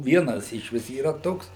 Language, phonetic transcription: Lithuanian, ˈvienas iš ˈvis yˈra ˈtoks

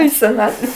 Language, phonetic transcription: Lithuanian, į seˈnatve

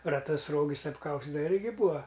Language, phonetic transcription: Lithuanian, raˈtus ˈrogis apˈkaustidava ˈirgi ˈbūa

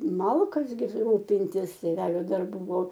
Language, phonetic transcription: Lithuanian, ˈmalkas gi ˈrūpintis tėˈvelio darˈbų ˈbuvo

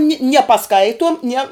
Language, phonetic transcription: Lithuanian, ni nie paˈskaituom nie

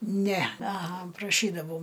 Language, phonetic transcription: Lithuanian, ˈne aˈha praˈšydavau

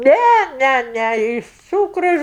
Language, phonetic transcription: Lithuanian, ˈnæ ˈnæ ˈnæ ˈiš ˈcūkru

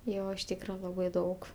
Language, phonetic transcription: Lithuanian, ˈjo iš ˈtykra ˈlabai ˈdaug

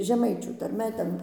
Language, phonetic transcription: Lithuanian, žeˈmaičių tarˈme ˈten

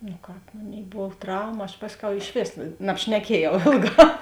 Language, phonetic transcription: Lithuanian, nu ˈkāp ˈmoˌnėi ˈbov ˈtrauma aš ˈpasˌkiau išˈvės nabšneˈkiejau ˈėlˌgā

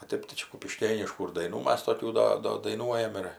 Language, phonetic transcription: Lithuanian, o ˈtėp tai ˈčia kupiˈškėniškų ir daiˈnų ˈmas toˈkių ˈda ˈdo daiˈnuojam ir

